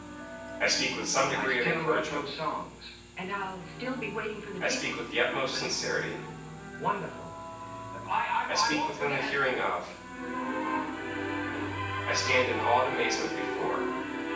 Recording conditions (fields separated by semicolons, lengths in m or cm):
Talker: one person; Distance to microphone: 9.8 m; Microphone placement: far; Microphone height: 1.8 m; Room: large; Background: television